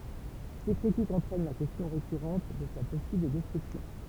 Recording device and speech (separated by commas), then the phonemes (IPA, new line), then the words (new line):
temple vibration pickup, read sentence
se kʁitikz ɑ̃tʁɛn la kɛstjɔ̃ ʁekyʁɑ̃t də sa pɔsibl dɛstʁyksjɔ̃
Ces critiques entraînent la question récurrente de sa possible destruction.